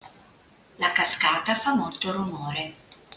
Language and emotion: Italian, neutral